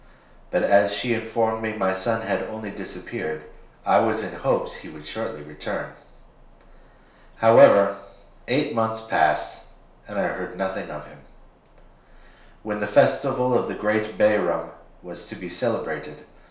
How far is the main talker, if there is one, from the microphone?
1.0 m.